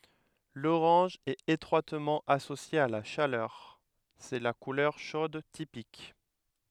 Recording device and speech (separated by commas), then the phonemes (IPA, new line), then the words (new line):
headset microphone, read sentence
loʁɑ̃ʒ ɛt etʁwatmɑ̃ asosje a la ʃalœʁ sɛ la kulœʁ ʃod tipik
L'orange est étroitement associé à la chaleur, c'est la couleur chaude typique.